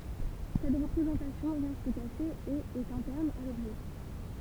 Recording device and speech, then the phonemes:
temple vibration pickup, read sentence
sɛt ʁəpʁezɑ̃tasjɔ̃ ʁɛst kaʃe e ɛt ɛ̃tɛʁn a lɔbʒɛ

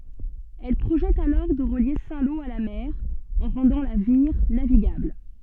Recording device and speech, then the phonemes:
soft in-ear microphone, read sentence
ɛl pʁoʒɛt alɔʁ də ʁəlje sɛ̃ lo a la mɛʁ ɑ̃ ʁɑ̃dɑ̃ la viʁ naviɡabl

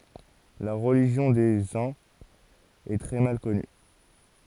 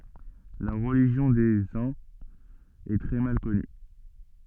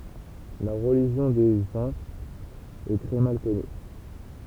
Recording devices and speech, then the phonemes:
forehead accelerometer, soft in-ear microphone, temple vibration pickup, read sentence
la ʁəliʒjɔ̃ de œ̃z ɛ tʁɛ mal kɔny

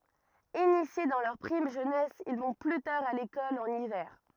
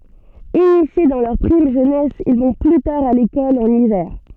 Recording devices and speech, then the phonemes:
rigid in-ear microphone, soft in-ear microphone, read sentence
inisje dɑ̃ lœʁ pʁim ʒønɛs il vɔ̃ ply taʁ a lekɔl ɑ̃n ivɛʁ

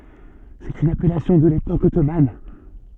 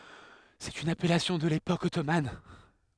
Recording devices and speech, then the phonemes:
soft in-ear microphone, headset microphone, read sentence
sɛt yn apɛlasjɔ̃ də lepok ɔtoman

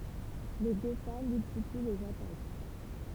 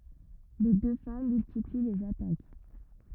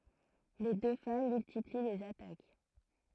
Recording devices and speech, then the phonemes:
temple vibration pickup, rigid in-ear microphone, throat microphone, read sentence
le dø fam myltipli lez atak

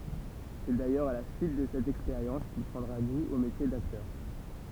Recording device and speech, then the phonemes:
temple vibration pickup, read sentence
sɛ dajœʁz a la syit də sɛt ɛkspeʁjɑ̃s kil pʁɑ̃dʁa ɡu o metje daktœʁ

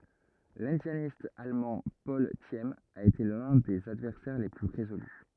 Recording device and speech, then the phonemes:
rigid in-ear microphone, read sentence
lɛ̃djanist almɑ̃ pɔl sim a ete lœ̃ də sez advɛʁsɛʁ le ply ʁezoly

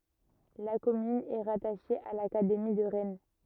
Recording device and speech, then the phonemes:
rigid in-ear microphone, read sentence
la kɔmyn ɛ ʁataʃe a lakademi də ʁɛn

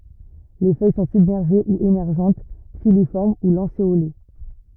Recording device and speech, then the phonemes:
rigid in-ear microphone, read sentence
le fœj sɔ̃ sybmɛʁʒe u emɛʁʒɑ̃t filifɔʁm u lɑ̃seole

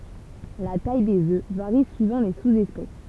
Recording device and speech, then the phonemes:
temple vibration pickup, read sentence
la taj dez ø vaʁi syivɑ̃ le suzɛspɛs

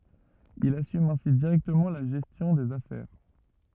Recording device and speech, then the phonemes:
rigid in-ear microphone, read sentence
il asym ɛ̃si diʁɛktəmɑ̃ la ʒɛstjɔ̃ dez afɛʁ

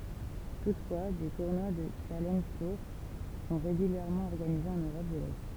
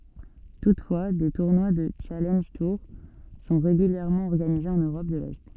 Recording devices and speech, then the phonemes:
temple vibration pickup, soft in-ear microphone, read sentence
tutfwa de tuʁnwa dy ʃalɑ̃ʒ tuʁ sɔ̃ ʁeɡyljɛʁmɑ̃ ɔʁɡanize ɑ̃n øʁɔp də lɛ

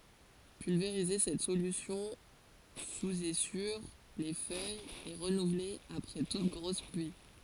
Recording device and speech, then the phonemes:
forehead accelerometer, read sentence
pylveʁize sɛt solysjɔ̃ suz e syʁ le fœjz e ʁənuvle apʁɛ tut ɡʁos plyi

